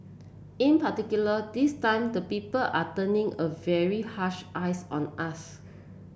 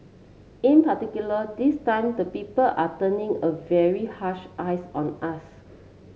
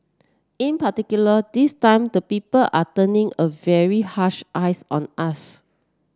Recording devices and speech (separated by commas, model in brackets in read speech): boundary microphone (BM630), mobile phone (Samsung C7), standing microphone (AKG C214), read sentence